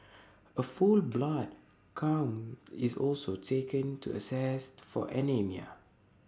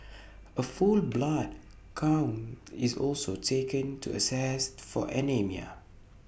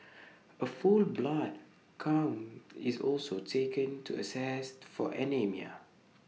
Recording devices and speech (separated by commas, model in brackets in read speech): standing microphone (AKG C214), boundary microphone (BM630), mobile phone (iPhone 6), read sentence